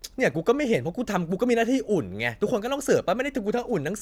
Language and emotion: Thai, angry